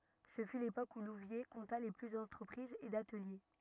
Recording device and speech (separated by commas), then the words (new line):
rigid in-ear microphone, read sentence
Ce fut l'époque où Louviers compta le plus d'entreprises et d'ateliers.